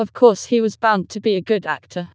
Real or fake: fake